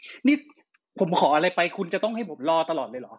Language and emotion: Thai, angry